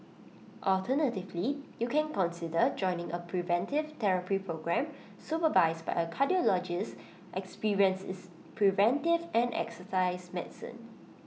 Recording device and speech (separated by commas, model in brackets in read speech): mobile phone (iPhone 6), read sentence